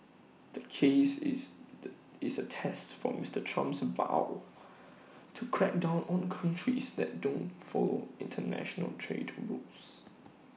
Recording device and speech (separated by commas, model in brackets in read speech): mobile phone (iPhone 6), read sentence